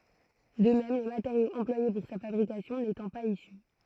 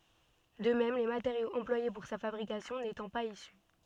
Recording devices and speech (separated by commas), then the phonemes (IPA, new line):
throat microphone, soft in-ear microphone, read sentence
də mɛm le mateʁjoz ɑ̃plwaje puʁ sa fabʁikasjɔ̃ netɑ̃ paz isy